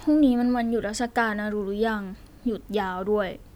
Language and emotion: Thai, frustrated